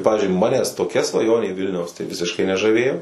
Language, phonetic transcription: Lithuanian, ˈpavizdžiui ˈmanes toˈkia svaˈjonė ˈvilniaus tai ˈvisiškai nežaˈvėjo

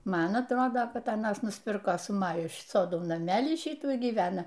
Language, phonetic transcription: Lithuanian, ˈman atˈrodo ˈkad aˈnas nusˈpirko su ˈmaju ˈsodo naˈmelį ˈšytų y gyˈvena

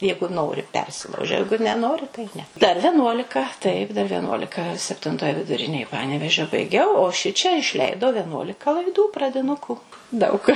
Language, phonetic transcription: Lithuanian, ˈjeigu ˈnori ˈpersilaužia ˈjeigu neˈnori tai ˈne dar veˈnuolika ˈtaip dar vieˈnuolika septinˈtoj viduˈrinėj ˈpanevėžio baiˈgiau o ˈšičia išˈleidau veˈnuolika laiˈdų pradiˈnuku daug

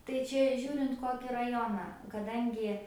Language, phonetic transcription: Lithuanian, tai ˈčia ˈžiūrint ˈkoki raˈjoną kaˈdangi

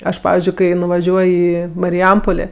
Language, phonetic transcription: Lithuanian, ˈaš ˈpavizdžiui ˈkai nuvaˈžiuoj ˈį mariˈjampolė

